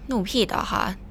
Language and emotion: Thai, frustrated